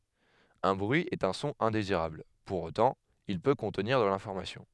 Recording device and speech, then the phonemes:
headset microphone, read sentence
œ̃ bʁyi ɛt œ̃ sɔ̃ ɛ̃deziʁabl puʁ otɑ̃ il pø kɔ̃tniʁ də lɛ̃fɔʁmasjɔ̃

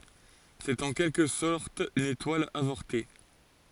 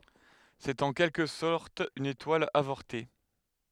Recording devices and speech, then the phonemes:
forehead accelerometer, headset microphone, read sentence
sɛt ɑ̃ kɛlkə sɔʁt yn etwal avɔʁte

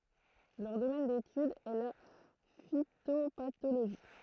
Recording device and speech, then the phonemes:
throat microphone, read sentence
lœʁ domɛn detyd ɛ la fitopatoloʒi

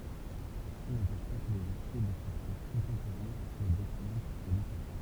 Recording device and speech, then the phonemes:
temple vibration pickup, read sentence
səsi nɑ̃pɛʃ pa kə lez aʁʃɛ də faktœʁ kɔ̃tɑ̃poʁɛ̃ swa dɛksɛlɑ̃t kalite

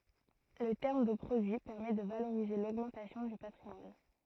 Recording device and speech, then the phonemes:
throat microphone, read sentence
lə tɛʁm də pʁodyi pɛʁmɛ də valoʁize loɡmɑ̃tasjɔ̃ dy patʁimwan

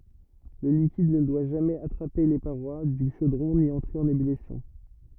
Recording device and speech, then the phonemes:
rigid in-ear microphone, read sentence
lə likid nə dwa ʒamɛz atʁape le paʁwa dy ʃodʁɔ̃ ni ɑ̃tʁe ɑ̃n ebylisjɔ̃

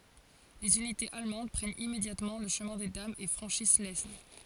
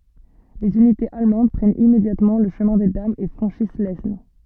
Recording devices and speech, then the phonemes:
forehead accelerometer, soft in-ear microphone, read sentence
lez ynitez almɑ̃d pʁɛnt immedjatmɑ̃ lə ʃəmɛ̃ de damz e fʁɑ̃ʃis lɛsn

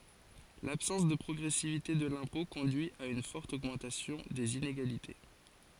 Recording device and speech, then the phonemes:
forehead accelerometer, read sentence
labsɑ̃s də pʁɔɡʁɛsivite də lɛ̃pɔ̃ kɔ̃dyi a yn fɔʁt oɡmɑ̃tasjɔ̃ dez ineɡalite

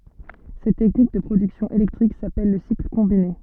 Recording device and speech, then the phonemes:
soft in-ear microphone, read sentence
sɛt tɛknik də pʁodyksjɔ̃ elɛktʁik sapɛl lə sikl kɔ̃bine

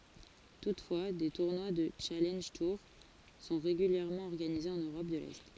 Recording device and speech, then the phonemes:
forehead accelerometer, read sentence
tutfwa de tuʁnwa dy ʃalɑ̃ʒ tuʁ sɔ̃ ʁeɡyljɛʁmɑ̃ ɔʁɡanize ɑ̃n øʁɔp də lɛ

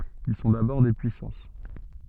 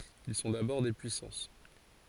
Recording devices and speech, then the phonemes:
soft in-ear microphone, forehead accelerometer, read sentence
il sɔ̃ dabɔʁ de pyisɑ̃s

